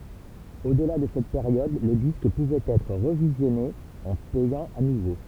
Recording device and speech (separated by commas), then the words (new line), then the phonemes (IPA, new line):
temple vibration pickup, read sentence
Au-delà de cette période le disque pouvait être revisionné en payant à nouveau.
odla də sɛt peʁjɔd lə disk puvɛt ɛtʁ ʁəvizjɔne ɑ̃ pɛjɑ̃ a nuvo